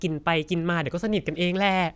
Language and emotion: Thai, neutral